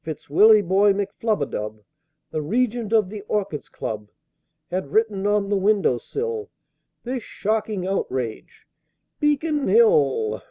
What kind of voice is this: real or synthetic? real